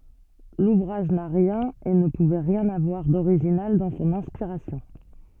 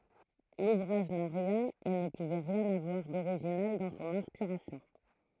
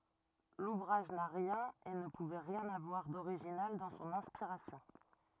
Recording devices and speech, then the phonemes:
soft in-ear microphone, throat microphone, rigid in-ear microphone, read sentence
luvʁaʒ na ʁjɛ̃n e nə puvɛ ʁjɛ̃n avwaʁ doʁiʒinal dɑ̃ sɔ̃n ɛ̃spiʁasjɔ̃

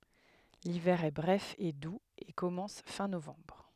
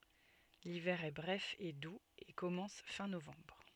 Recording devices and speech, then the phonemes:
headset microphone, soft in-ear microphone, read sentence
livɛʁ ɛ bʁɛf e duz e kɔmɑ̃s fɛ̃ novɑ̃bʁ

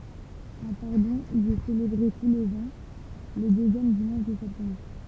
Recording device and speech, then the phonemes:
temple vibration pickup, read sentence
œ̃ paʁdɔ̃ i ɛ selebʁe tu lez ɑ̃ lə døzjɛm dimɑ̃ʃ də sɛptɑ̃bʁ

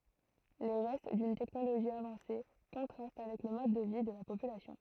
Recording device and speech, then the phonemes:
throat microphone, read sentence
le ʁɛst dyn tɛknoloʒi avɑ̃se kɔ̃tʁast avɛk lə mɔd də vi də la popylasjɔ̃

